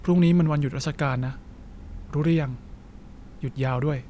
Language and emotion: Thai, neutral